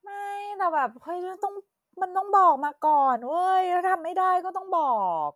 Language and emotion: Thai, frustrated